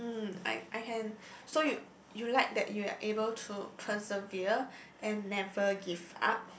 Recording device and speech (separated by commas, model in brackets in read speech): boundary microphone, conversation in the same room